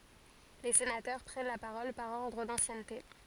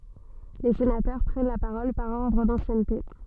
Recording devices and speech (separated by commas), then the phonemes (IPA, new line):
forehead accelerometer, soft in-ear microphone, read sentence
le senatœʁ pʁɛn la paʁɔl paʁ ɔʁdʁ dɑ̃sjɛnte